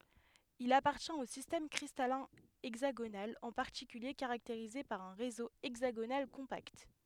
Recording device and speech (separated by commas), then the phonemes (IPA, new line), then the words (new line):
headset microphone, read sentence
il apaʁtjɛ̃t o sistɛm kʁistalɛ̃ ɛɡzaɡonal ɑ̃ paʁtikylje kaʁakteʁize paʁ œ̃ ʁezo ɛɡzaɡonal kɔ̃pakt
Il appartient au système cristallin hexagonal, en particulier caractérisé par un réseau hexagonal compact.